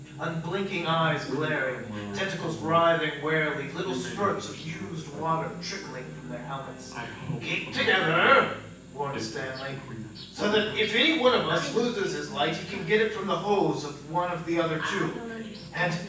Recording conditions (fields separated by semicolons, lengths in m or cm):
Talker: one person; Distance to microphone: 9.8 m; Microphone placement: far; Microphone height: 1.8 m; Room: large; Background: television